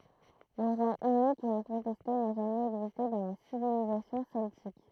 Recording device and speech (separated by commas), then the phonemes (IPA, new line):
throat microphone, read sentence
lə ʁwa ynik e ɛ̃kɔ̃tɛste na ʒamɛz ɛɡziste dɑ̃ la sivilizasjɔ̃ sɛltik